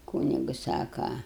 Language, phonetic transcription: Lithuanian, ˈkūnigu ˈsaka

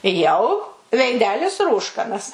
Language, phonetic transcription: Lithuanian, jau veiˈdelis ˈrūškanas

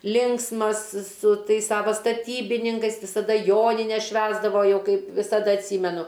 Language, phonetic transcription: Lithuanian, ˈlinksmas su ˈtais ˈsavo staˈtybininkais visaˈda ˈjonines ˈšvęsdavo ˈjau ˈkaip visaˈda atˈsymenu

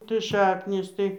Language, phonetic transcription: Lithuanian, tai ˈšaknys ˈtai

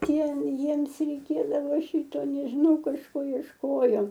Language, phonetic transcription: Lithuanian, ˈtie ˈjiems reiˈkėdavo ˈšyto nežiˈnau kažˈko iešˈkojo

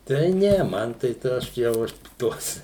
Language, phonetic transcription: Lithuanian, tai ˈne ˈman tai ˈta ˈaš jau ˈaš ˈtuos

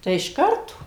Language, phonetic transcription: Lithuanian, ˈtai iš ˈkarto

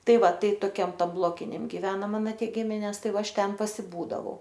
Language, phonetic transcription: Lithuanian, ˈtai ˈva ˈtai toˈkiam ˈtam ˈblokiniam giˈvena ˈmano ˈtie ˈgimines ˈtai ˈva ˈaš ˈten pasiˈbūdavau

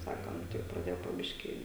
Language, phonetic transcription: Lithuanian, ˈsakom tik praˈdėjo po ˈbiškį

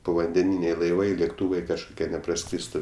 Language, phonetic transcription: Lithuanian, povandeˈnyniai laiˈvai lėkˈtūvai kažkuˈkie nepraˈskrystu

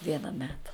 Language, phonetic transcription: Lithuanian, ˈviena ˈmeta

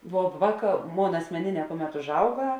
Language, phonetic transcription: Lithuanian, vo ˈvāˌkā ˈmon asmeˈnėˌnē ˈkuˌmet užˈauga

